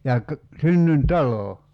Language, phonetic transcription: Finnish, ja ka- , 'synnyn"talò .
- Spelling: ja - synnyintalo

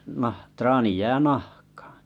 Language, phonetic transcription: Finnish, 'nah- 'traani jää "nahkᴀᴀ .
- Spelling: - traani jää nahkaan

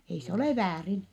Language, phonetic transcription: Finnish, ei se olè väärin .
- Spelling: ei se ole väärin

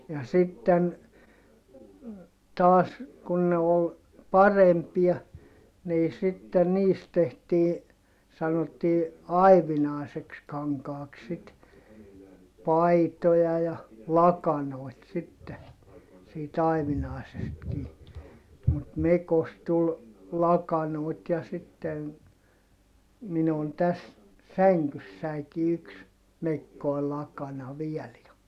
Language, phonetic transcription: Finnish, ja sitten , taas , kun ne ol , parempia , nii sitten niist tehtii , sanottii , ai̮vinài̮seks kaŋkaaks sit , paitoja ja , lakanòi̮t sitte , siit ‿aivinài̮sestkii , mut mekost tul , lakanòit ja sitten , minu on täs , säŋkyssäiki yks , mekkoi lakana viɛl ja ,.
- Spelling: ja sitten taas kun ne oli parempia niin sitten niistä tehtiin sanottiin aivinaiseksi kankaaksi sitten paitoja ja lakanoita sitten siitä aivinaisestakin mutta mekosta tuli lakanoita ja sitten minun on tässä sängyssänikin yksi mekkoinen lakana vielä ja

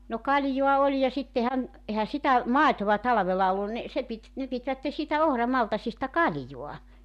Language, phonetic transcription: Finnish, no 'kaljoa 'oĺ ja 'sittehän , ehä 'sitä , "màetova 'talᵃvela 'ollun ni , se pit , ne pitvätte siitä "ohramaltasista "kaljoa .
- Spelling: no kaljaa oli ja sittenhän eihän sitä maitoa talvella ollut niin se piti ne pitivät siitä ohramaltaista kalja

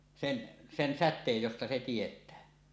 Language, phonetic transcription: Finnish, 'sen , 'sen 'sät̆teej josta se tiet̀ää .
- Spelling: sen sen säteen josta se tietää

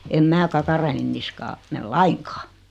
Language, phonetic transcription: Finnish, em 'mää "kakara₍en niskaa , 'mel "laiŋkᴀᴀ .
- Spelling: en minä kakaroiden niskaan mene lainkaan

